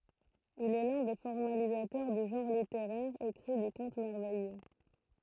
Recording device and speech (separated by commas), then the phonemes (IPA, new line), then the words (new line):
throat microphone, read sentence
il ɛ lœ̃ de fɔʁmalizatœʁ dy ʒɑ̃ʁ liteʁɛʁ ekʁi dy kɔ̃t mɛʁvɛjø
Il est l'un des formalisateurs du genre littéraire écrit du conte merveilleux.